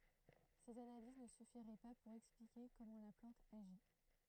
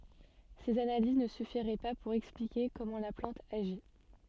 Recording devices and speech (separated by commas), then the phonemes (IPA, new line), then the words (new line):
throat microphone, soft in-ear microphone, read sentence
sez analiz nə syfiʁɛ pa puʁ ɛksplike kɔmɑ̃ la plɑ̃t aʒi
Ces analyses ne suffiraient pas pour expliquer comment la plante agit.